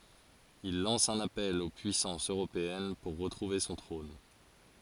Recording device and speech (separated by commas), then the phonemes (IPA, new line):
forehead accelerometer, read sentence
il lɑ̃s œ̃n apɛl o pyisɑ̃sz øʁopeɛn puʁ ʁətʁuve sɔ̃ tʁɔ̃n